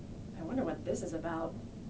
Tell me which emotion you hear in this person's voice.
fearful